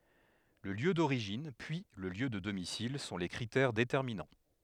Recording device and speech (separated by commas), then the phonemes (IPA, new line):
headset microphone, read sentence
lə ljø doʁiʒin pyi lə ljø də domisil sɔ̃ le kʁitɛʁ detɛʁminɑ̃